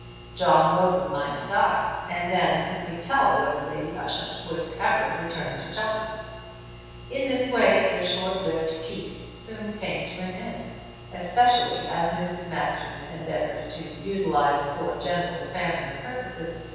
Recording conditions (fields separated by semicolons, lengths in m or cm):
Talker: one person; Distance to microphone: 7.1 m; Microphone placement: far; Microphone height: 1.7 m; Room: very reverberant, large; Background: none